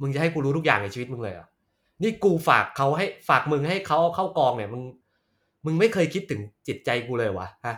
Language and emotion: Thai, angry